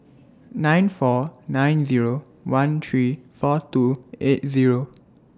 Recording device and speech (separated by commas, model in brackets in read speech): standing microphone (AKG C214), read sentence